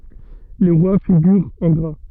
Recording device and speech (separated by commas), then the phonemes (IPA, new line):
soft in-ear microphone, read sentence
le ʁwa fiɡyʁt ɑ̃ ɡʁa